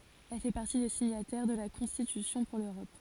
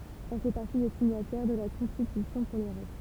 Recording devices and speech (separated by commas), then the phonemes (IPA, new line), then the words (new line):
forehead accelerometer, temple vibration pickup, read sentence
ɛl fɛ paʁti de siɲatɛʁ də la kɔ̃stitysjɔ̃ puʁ løʁɔp
Elle fait partie des signataires de la Constitution pour l'Europe.